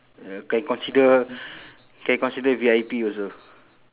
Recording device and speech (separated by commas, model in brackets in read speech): telephone, conversation in separate rooms